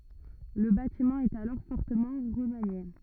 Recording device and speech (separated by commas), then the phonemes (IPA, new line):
rigid in-ear microphone, read sentence
lə batimɑ̃ ɛt alɔʁ fɔʁtəmɑ̃ ʁəmanje